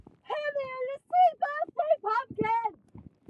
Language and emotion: English, disgusted